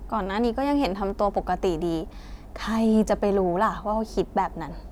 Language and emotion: Thai, frustrated